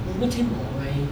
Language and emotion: Thai, frustrated